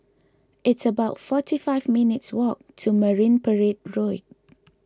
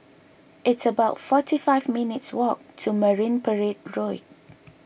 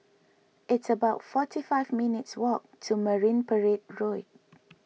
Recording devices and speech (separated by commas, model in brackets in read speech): close-talking microphone (WH20), boundary microphone (BM630), mobile phone (iPhone 6), read sentence